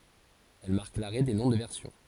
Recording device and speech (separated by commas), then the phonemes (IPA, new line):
forehead accelerometer, read sentence
ɛl maʁk laʁɛ de nɔ̃ də vɛʁsjɔ̃